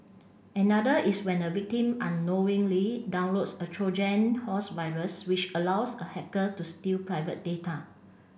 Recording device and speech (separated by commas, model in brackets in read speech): boundary microphone (BM630), read sentence